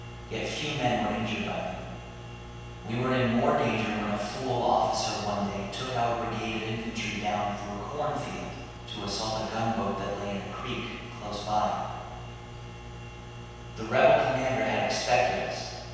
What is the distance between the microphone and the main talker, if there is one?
7.1 m.